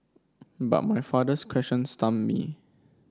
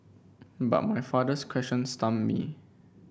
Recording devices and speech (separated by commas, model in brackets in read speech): standing microphone (AKG C214), boundary microphone (BM630), read sentence